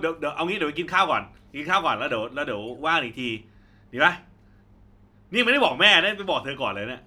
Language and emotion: Thai, neutral